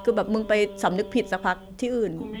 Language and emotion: Thai, frustrated